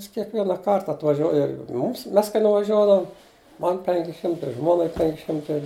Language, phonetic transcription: Lithuanian, ˈjis kiekvienaˈkart atvaˈžiuoji ˈmums ˈmes kai nuvaˈžiuodavum ˈman ˈpenki ˈšimtai ˈžmuonai ˈpenki ˈšimtai

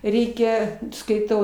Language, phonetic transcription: Lithuanian, ˈreikia skaiˈtau

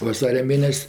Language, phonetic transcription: Lithuanian, vaˈsaria ˈmėnes'

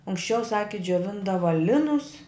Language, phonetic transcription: Lithuanian, anksˈčiau ˈsaki džioˈvindava ˈlinus

